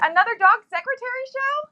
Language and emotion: English, happy